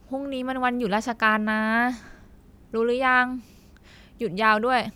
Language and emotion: Thai, frustrated